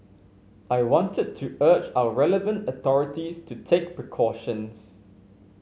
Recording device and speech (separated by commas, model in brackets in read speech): mobile phone (Samsung C5), read sentence